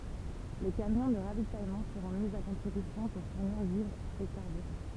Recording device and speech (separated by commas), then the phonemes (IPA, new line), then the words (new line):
temple vibration pickup, read sentence
le kamjɔ̃ də ʁavitajmɑ̃ səʁɔ̃ mi a kɔ̃tʁibysjɔ̃ puʁ fuʁniʁ vivʁz e kaʁbyʁɑ̃
Les camions de ravitaillement seront mis à contribution pour fournir vivres et carburant.